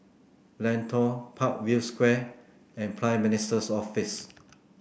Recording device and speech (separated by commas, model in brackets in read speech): boundary microphone (BM630), read sentence